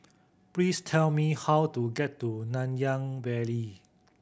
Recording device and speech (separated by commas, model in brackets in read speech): boundary microphone (BM630), read sentence